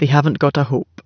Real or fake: real